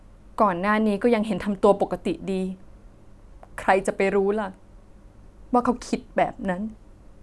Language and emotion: Thai, sad